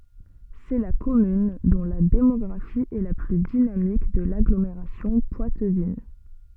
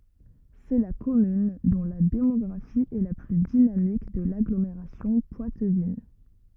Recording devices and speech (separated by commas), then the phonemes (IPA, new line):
soft in-ear microphone, rigid in-ear microphone, read sentence
sɛ la kɔmyn dɔ̃ la demɔɡʁafi ɛ la ply dinamik də laɡlomeʁasjɔ̃ pwatvin